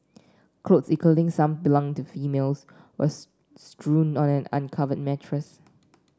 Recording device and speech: standing microphone (AKG C214), read sentence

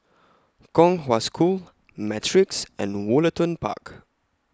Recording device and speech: close-talking microphone (WH20), read sentence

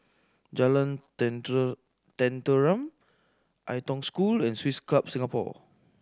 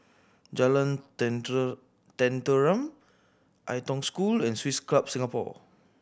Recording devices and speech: standing microphone (AKG C214), boundary microphone (BM630), read sentence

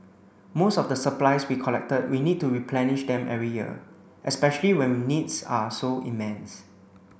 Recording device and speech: boundary microphone (BM630), read sentence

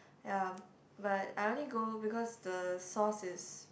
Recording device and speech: boundary microphone, conversation in the same room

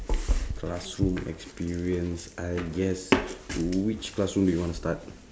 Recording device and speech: standing microphone, conversation in separate rooms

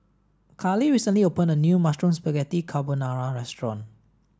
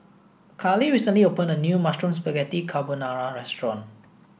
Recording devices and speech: standing microphone (AKG C214), boundary microphone (BM630), read sentence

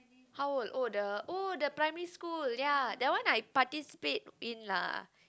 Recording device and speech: close-talking microphone, conversation in the same room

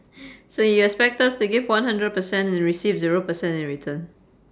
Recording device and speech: standing microphone, conversation in separate rooms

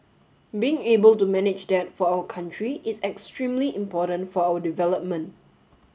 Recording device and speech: mobile phone (Samsung S8), read sentence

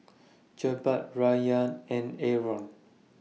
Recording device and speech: mobile phone (iPhone 6), read sentence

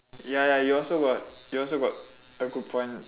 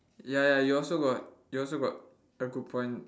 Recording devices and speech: telephone, standing microphone, conversation in separate rooms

